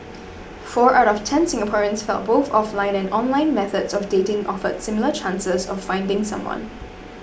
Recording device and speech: boundary microphone (BM630), read sentence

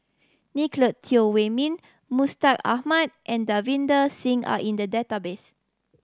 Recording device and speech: standing microphone (AKG C214), read sentence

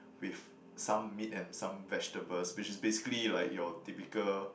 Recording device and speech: boundary microphone, conversation in the same room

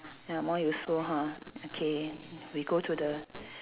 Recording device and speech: telephone, conversation in separate rooms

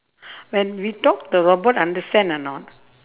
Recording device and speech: telephone, conversation in separate rooms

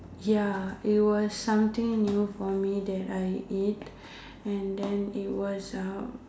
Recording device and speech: standing microphone, conversation in separate rooms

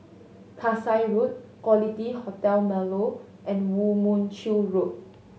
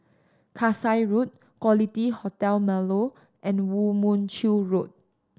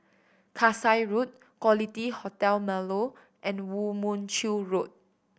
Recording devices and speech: mobile phone (Samsung S8), standing microphone (AKG C214), boundary microphone (BM630), read sentence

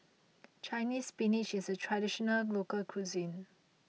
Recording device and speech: mobile phone (iPhone 6), read sentence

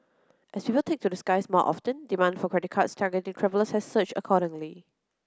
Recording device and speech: close-talking microphone (WH30), read sentence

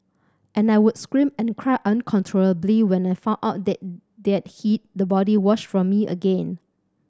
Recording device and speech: standing microphone (AKG C214), read sentence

